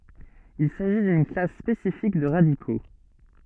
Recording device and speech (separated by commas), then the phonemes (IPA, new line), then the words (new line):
soft in-ear microphone, read sentence
il saʒi dyn klas spesifik də ʁadiko
Il s'agit d'une classe spécifique de radicaux.